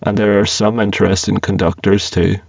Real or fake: fake